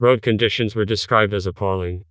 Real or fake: fake